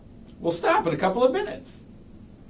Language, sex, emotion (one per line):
English
male
happy